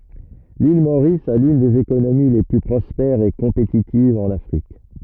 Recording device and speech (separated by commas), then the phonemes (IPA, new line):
rigid in-ear microphone, read sentence
lil moʁis a lyn dez ekonomi le ply pʁɔspɛʁz e kɔ̃petitivz ɑ̃n afʁik